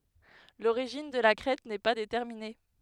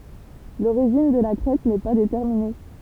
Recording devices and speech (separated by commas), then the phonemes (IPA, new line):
headset microphone, temple vibration pickup, read sentence
loʁiʒin də la kʁɛt nɛ pa detɛʁmine